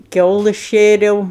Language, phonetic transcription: Lithuanian, ˈkiaulɜs ˈšėriau

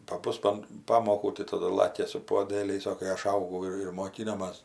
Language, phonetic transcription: Lithuanian, paˈbus an ˈpamokų tai taˈdu ir ˈlakia su puoˈdėliais o kai ˈaš ˈaugau ir ir moˈkinomas

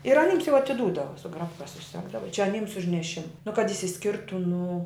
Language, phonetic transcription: Lithuanian, ir aˈnyms jau atiˈdūdava su ˈgrapka suˈsegdava čia aˈnyms už neˈšima nu kad išsiˈskirtu nu

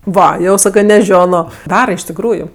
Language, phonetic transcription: Lithuanian, ˈva ˈjau ˈsakɜ neˈžiono ˈdara iš tikˈrųju

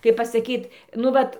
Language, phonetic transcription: Lithuanian, kaip pasaˈkyt nu ˈvat

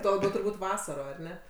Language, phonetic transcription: Lithuanian, ˈtuo laˈbiau turˈbūt' ˈvasaro ar ˈne

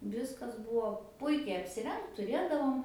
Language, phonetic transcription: Lithuanian, ˈviskas ˈbuvo ˈpuikiai apsiˈrengt tuˈrėdavom

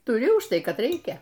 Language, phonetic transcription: Lithuanian, tuˈri už ˈtai ˈkad ˈreikia

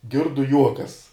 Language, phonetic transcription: Lithuanian, ˈgirdu ˈjuokas

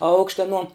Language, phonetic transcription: Lithuanian, ˈaukšte aˈnuo

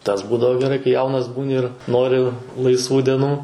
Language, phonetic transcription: Lithuanian, tas ˈbūdavo geˈrai kai ˈjaunas ˈbūni ir ˈnori laisˈvų deˈnų

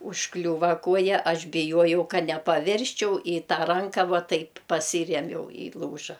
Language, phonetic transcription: Lithuanian, užˈkliūva ˈkuoja ˈaš biˈjuojau ˈka nepaˈvirsčiau i ˈtą ˈranka ˈvuo ˈtaip paˈsyriemiau i ˈlūža

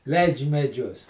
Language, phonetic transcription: Lithuanian, ˈleidž' meˈdžius

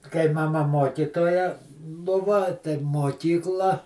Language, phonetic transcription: Lithuanian, kai maˈma ˈmokytoja ˈbuva tai moˈkykla

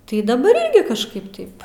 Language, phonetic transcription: Lithuanian, tai daˈbar ˈirgi kažˈkaip ˈtaip

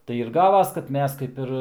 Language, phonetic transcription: Lithuanian, tai ir ˈgavas kad ˈmes kaip ˈir

